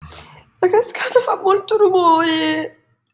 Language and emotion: Italian, fearful